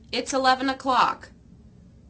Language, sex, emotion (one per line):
English
female
neutral